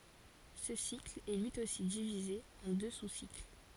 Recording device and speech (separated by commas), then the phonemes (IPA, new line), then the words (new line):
forehead accelerometer, read sentence
sə sikl ɛ lyi osi divize ɑ̃ dø susikl
Ce cycle est lui aussi divisé en deux sous-cycles.